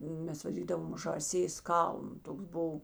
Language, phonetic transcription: Lithuanian, ˈmes vaˈdydavam žąˈsės ˈkalnu ˈtoks ˈbuv

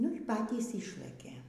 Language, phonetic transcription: Lithuanian, nu y ˈpatys ˈišlɘkė

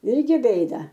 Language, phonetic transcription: Lithuanian, ˈirgi ˈbėda

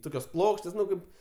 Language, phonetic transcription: Lithuanian, ˈtokios ˈplokštės ˈnu ˈkaip

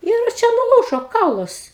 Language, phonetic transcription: Lithuanian, ir ˈčia nuˈlūžo ˈkaulas

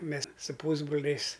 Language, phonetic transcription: Lithuanian, ˈmes su ˈpūsbroliais

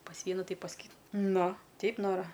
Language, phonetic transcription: Lithuanian, pas ˈvienu ˈtai pas ˈky ˈnu ˈteip ˈnora

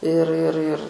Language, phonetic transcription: Lithuanian, ir ir ir

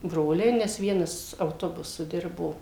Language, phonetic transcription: Lithuanian, ˈbroliai nes ˈvienas auˈtobusu ˈdirbo

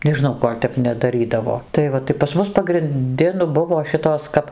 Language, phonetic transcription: Lithuanian, nežiˈnau ˈkol' tep nedaˈrydavo tai ˈva tai pas ˈmus pagrinˈdi nu ˈbuvo ˈšitos kap

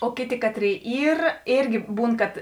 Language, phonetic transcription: Lithuanian, o ˈkėˌtė ˈkatˌrėi ˈyr ˈėrgi ˈbūn kad

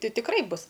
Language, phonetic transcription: Lithuanian, ˈti tikˈrai ˈbus

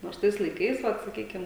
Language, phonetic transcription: Lithuanian, ˈnors ˈtais laiˈkais ˈvat saˈkykim

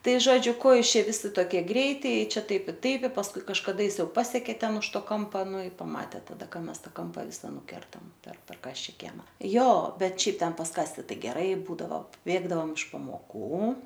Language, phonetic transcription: Lithuanian, ˈtai ˈžodžiu ˈko ˈjūs ˈčia ˈvisi ˈtokie ˈgreiti i ˈčia ˈtaip i ˈtaip i pasˈkui kažkaˈda jis ˈjau ˈpasekė ˈten už ˈto ˈkompa ˈnu i ˈpamatė taˈda ˈka ˈmes ˈtą ˈkampa ˈvisa nuˈkertam per per ˈkasčia ˈkiema ˈjo ˈbet ˈšiaip ˈten pas ˈkasti ˈtai geˈrai ˈbūdavo ˈbėgdavom iš pamoˈkų

